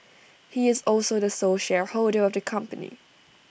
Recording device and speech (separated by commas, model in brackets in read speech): boundary microphone (BM630), read sentence